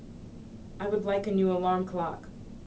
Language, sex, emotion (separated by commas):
English, female, neutral